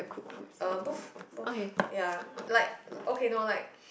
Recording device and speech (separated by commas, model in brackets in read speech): boundary microphone, conversation in the same room